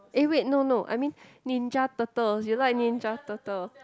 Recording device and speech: close-talking microphone, conversation in the same room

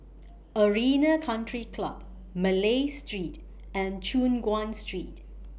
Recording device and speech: boundary microphone (BM630), read sentence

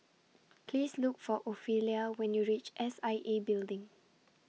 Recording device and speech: mobile phone (iPhone 6), read sentence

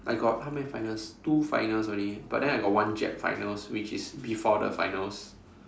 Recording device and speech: standing microphone, conversation in separate rooms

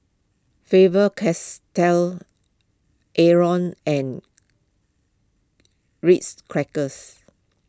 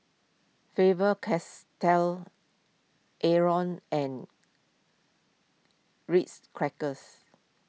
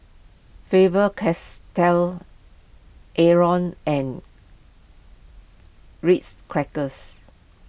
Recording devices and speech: close-talking microphone (WH20), mobile phone (iPhone 6), boundary microphone (BM630), read sentence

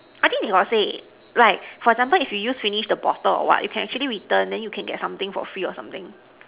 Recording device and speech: telephone, conversation in separate rooms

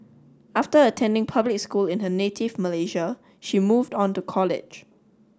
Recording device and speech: standing microphone (AKG C214), read sentence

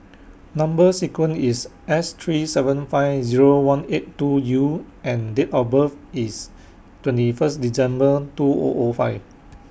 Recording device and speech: boundary microphone (BM630), read sentence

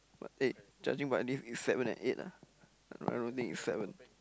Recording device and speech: close-talking microphone, conversation in the same room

